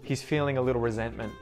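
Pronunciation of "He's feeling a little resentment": In 'resentment', the t after the n is muted.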